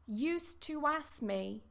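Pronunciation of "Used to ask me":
The k in 'ask' is dropped before 'me', so 'ask' sounds like 'ass'.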